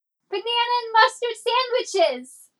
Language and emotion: English, happy